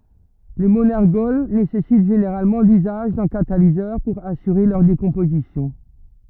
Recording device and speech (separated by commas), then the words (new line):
rigid in-ear microphone, read sentence
Les monergols nécessitent généralement l'usage d'un catalyseur pour assurer leur décomposition.